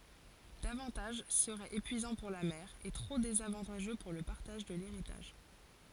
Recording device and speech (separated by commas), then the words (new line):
forehead accelerometer, read sentence
Davantage serait épuisant pour la mère et trop désavantageux pour le partage de l'héritage.